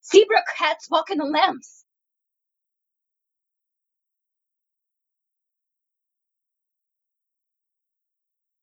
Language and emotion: English, surprised